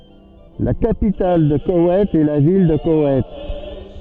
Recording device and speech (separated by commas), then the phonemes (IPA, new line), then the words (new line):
soft in-ear microphone, read sentence
la kapital də kowɛjt ɛ la vil də kowɛjt
La capitale de Koweït est la ville de Koweït.